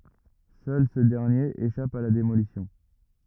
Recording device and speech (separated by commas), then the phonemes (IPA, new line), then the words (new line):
rigid in-ear microphone, read sentence
sœl sə dɛʁnjeʁ eʃap a la demolisjɔ̃
Seul ce dernier échappe à la démolition.